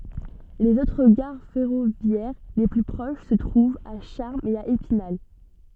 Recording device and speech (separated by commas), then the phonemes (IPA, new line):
soft in-ear microphone, read sentence
lez otʁ ɡaʁ fɛʁovjɛʁ le ply pʁoʃ sə tʁuvt a ʃaʁmz e a epinal